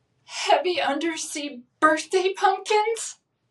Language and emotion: English, sad